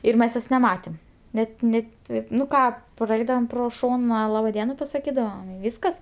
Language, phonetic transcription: Lithuanian, ir ˈmes ˈjos neˈmatėm ˈnet ˈne ˈtaip nu ˈką praˈeidavom ˈpro ˈšona ˈlaba ˈdiena pasaˈkydavom i ˈvyskas

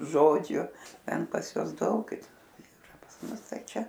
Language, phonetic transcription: Lithuanian, ˈžodžiu ˈten pas ˈjuos ˈdaug yˈra pas ˈmus ˈtai ˈčia

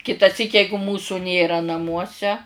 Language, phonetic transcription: Lithuanian, kitaˈsyk ˈjeigu ˈmūsu ˈnėra naˈmuose

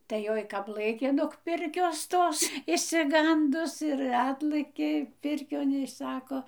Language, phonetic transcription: Lithuanian, tai ˈjoj ˈkap ˈlɘkė nog ˈpirkios ˈtos išsiˈgandus ir ˈatlɘkė ˈpirkion i ˈsako

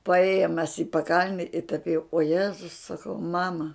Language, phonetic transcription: Lithuanian, paˈėjom mes i paˈkalne i tap jau o ˈjezus saˈkau ˈmama

